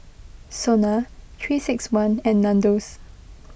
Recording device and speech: boundary microphone (BM630), read sentence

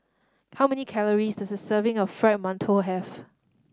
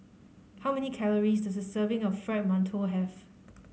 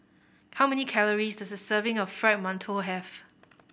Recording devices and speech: standing microphone (AKG C214), mobile phone (Samsung C5010), boundary microphone (BM630), read sentence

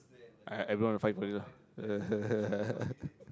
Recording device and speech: close-talking microphone, conversation in the same room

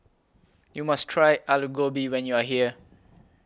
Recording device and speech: close-talking microphone (WH20), read sentence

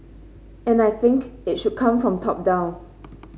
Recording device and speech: mobile phone (Samsung C5), read sentence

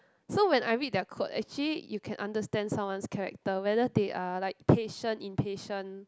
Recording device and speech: close-talking microphone, conversation in the same room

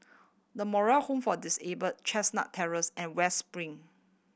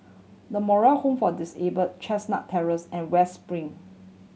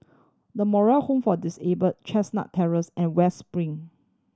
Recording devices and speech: boundary microphone (BM630), mobile phone (Samsung C7100), standing microphone (AKG C214), read sentence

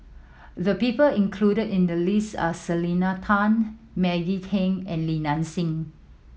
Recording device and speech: mobile phone (iPhone 7), read sentence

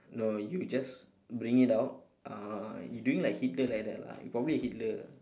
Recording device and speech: standing microphone, conversation in separate rooms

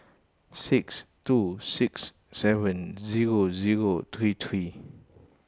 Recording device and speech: close-talking microphone (WH20), read sentence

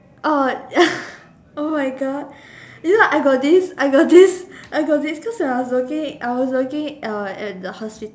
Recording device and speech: standing microphone, conversation in separate rooms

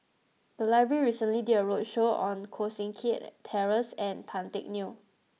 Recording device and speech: mobile phone (iPhone 6), read sentence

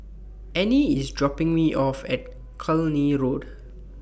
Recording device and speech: boundary microphone (BM630), read sentence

